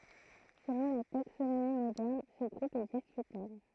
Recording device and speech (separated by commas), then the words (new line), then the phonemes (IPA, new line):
throat microphone, read sentence
Selon la taxonomie moderne, ce groupe est discutable.
səlɔ̃ la taksonomi modɛʁn sə ɡʁup ɛ diskytabl